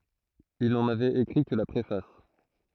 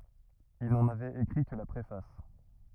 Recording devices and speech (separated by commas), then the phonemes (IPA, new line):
throat microphone, rigid in-ear microphone, read sentence
il nɑ̃n avɛt ekʁi kə la pʁefas